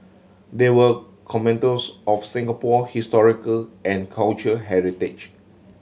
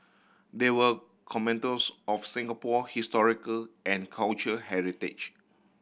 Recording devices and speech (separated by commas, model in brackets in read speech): mobile phone (Samsung C7100), boundary microphone (BM630), read sentence